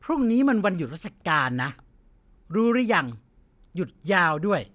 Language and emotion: Thai, frustrated